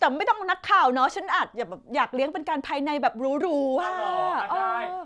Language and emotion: Thai, happy